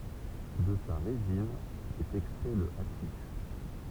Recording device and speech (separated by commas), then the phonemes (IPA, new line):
temple vibration pickup, read sentence
də sa ʁezin ɛt ɛkstʁɛ lə aʃiʃ